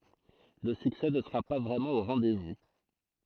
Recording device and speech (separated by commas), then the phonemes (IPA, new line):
throat microphone, read sentence
lə syksɛ nə səʁa pa vʁɛmɑ̃ o ʁɑ̃dɛzvu